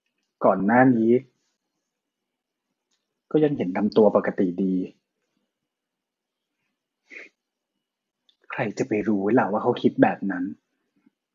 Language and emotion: Thai, sad